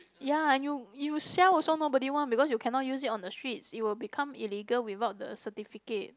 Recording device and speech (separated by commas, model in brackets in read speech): close-talking microphone, conversation in the same room